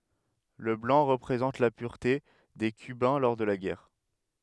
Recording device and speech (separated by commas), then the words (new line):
headset microphone, read sentence
Le blanc représente la pureté des cubains lors de la guerre.